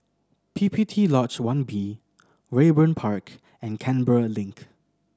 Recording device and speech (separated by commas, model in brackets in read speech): standing microphone (AKG C214), read sentence